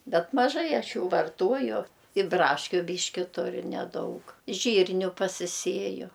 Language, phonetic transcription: Lithuanian, ˈbet maˈžai ˈaš ˈjų varˈtuoju i ˈbraškiu ˈbyški ˈturiu neˈdaug ˈžyrniu pasiˈsieju

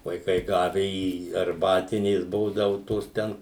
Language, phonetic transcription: Lithuanian, vaiˈkai ˈgave į arˈbatinės ˈbūdavu ˈtos ˈten

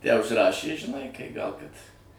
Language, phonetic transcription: Lithuanian, ˈją užsiˈrašė žiˈnai kai ˈgal ˈkad

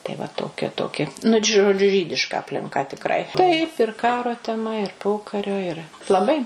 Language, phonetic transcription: Lithuanian, tai va toˈkia toˈki nu d žoˈdžiu ˈžydiška aplinˈka tikˈrai ˈtaip ir ˈkaro teˈma ir ˈpokario iˈra laˈbai

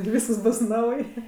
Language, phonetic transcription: Lithuanian, ir ˈvyskas ˈbus ˈnauj

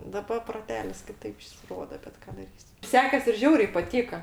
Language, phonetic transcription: Lithuanian, daˈba proˈtelis kiˈtaip ˈjis ˈrodo bet ˈką daˈrysi ˈsekes ir ˈžiauriai paˈtyka

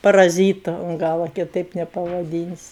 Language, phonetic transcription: Lithuanian, paraˈzytu un ˈgala kiˈtaip nepavaˈdynsi

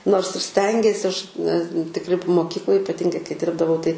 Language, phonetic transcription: Lithuanian, nors ir ˈstengiesi ˈaš ne tikˈri p moˈkykloj ipaˈtingai kai ˈdirbdavau tai

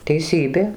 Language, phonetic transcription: Lithuanian, teiˈsybė

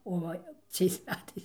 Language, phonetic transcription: Lithuanian, o ˈva ˈciais ˈmetais

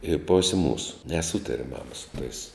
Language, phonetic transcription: Lithuanian, i ˈposė ˈmūsu neˈsūtare ˈmama su tais

